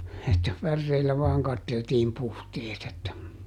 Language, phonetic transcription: Finnish, että ˈpärreillä vaaŋ ˈkatteltiim ˈpuhteet ‿että ,.
- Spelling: että päreillä vain katseltiin puhteet että

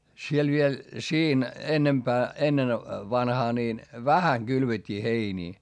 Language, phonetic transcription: Finnish, siel viel , siin , ennempää , ennen , vanhaa niin , vähäŋ Gylvet́t́ii heinii .
- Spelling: siellä vielä siinä enempää ennen vanhaan niin vähän kylvettiin heiniä

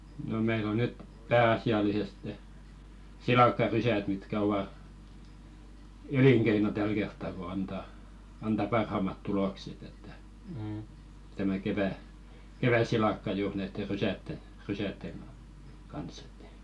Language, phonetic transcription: Finnish, no meil ‿o "nyt , 'pää₍asi₍aliseste , "silàkkarysät mitkä ova , "eliŋkeino 'täl kertta ko 'anta , anta "parhàmat 'tulokset ‿että , tämä kevä- , 'kevä-"silakka juur näitte "rysätten̬ , 'rysätteŋ ɢa- , kans ‿ᴇttᴀ̈ .
- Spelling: no meillä on nyt pääasiallisesti silakkarysät mitkä ovat elinkeino tällä kertaa kun antaa antaa parhaammat tulokset että tämä - kevätsilakka juuri näitte rysien rysien - kanssa että

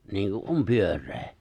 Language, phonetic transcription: Finnish, 'niiŋku’ "’om 'pyör̆ree .
- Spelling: niin kuin on pyöreä

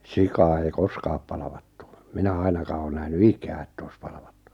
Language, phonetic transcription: Finnish, 'sikaa ei "koskaap palᵃvᴀttᴜ , minä 'ainakaa oo 'nähny "ikää ᵉtt ‿oi̬s 'palᵃᴠᴀttᴜ .
- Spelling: sikaa ei koskaan palvattu minä ainakaan ole nähnyt ikänä että olisi palvattu

